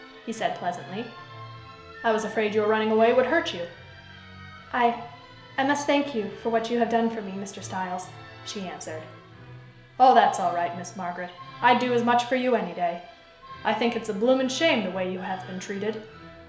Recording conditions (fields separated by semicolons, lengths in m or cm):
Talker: one person; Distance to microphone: 1.0 m; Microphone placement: close; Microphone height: 1.1 m; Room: small (3.7 m by 2.7 m); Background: music